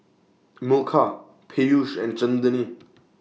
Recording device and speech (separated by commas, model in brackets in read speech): mobile phone (iPhone 6), read sentence